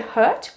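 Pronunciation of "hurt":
This is an incorrect pronunciation of 'heart'. It is said like 'hurt'.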